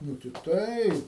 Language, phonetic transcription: Lithuanian, ˈnū ti ˈtai

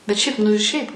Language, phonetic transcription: Lithuanian, bet ˈšiaip nu i ˈšiaip

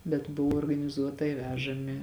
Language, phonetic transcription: Lithuanian, bet ˈbuvo organiˈzuotai ˈvežami

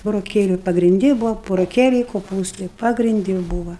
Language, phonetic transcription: Lithuanian, buroˈkėliu pagrinˈdi ˈbuva buroˈkėliai koˈpūstai pagrinˈdi ˈbūva

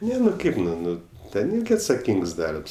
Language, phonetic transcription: Lithuanian, ˈne nu ˈkaip nu ˈnu ˈten ˈirgi atsaˈkyngs ˈdarbs

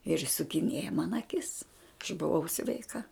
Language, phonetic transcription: Lithuanian, ir išsukiˈnieja man aˈkis aš buˈvau sveiˈka

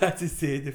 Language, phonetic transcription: Lithuanian, atsiˈsėdi

